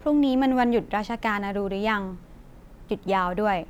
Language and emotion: Thai, neutral